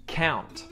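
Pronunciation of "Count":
'Count' is said with the t at the end sounded, not muted.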